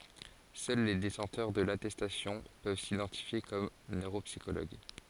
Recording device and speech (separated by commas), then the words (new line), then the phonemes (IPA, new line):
forehead accelerometer, read sentence
Seuls les détenteurs de l'attestation peuvent s'identifier comme neuropsychologues.
sœl le detɑ̃tœʁ də latɛstasjɔ̃ pøv sidɑ̃tifje kɔm nøʁopsikoloɡ